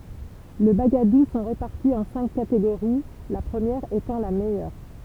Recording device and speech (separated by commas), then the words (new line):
temple vibration pickup, read sentence
Les bagadoù sont répartis en cinq catégories, la première étant la meilleure.